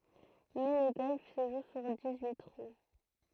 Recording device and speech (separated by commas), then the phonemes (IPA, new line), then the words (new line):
throat microphone, read sentence
mɛ lə ɡɔlf sə ʒu syʁ dis yi tʁu
Mais le golf se joue sur dix-huit trous.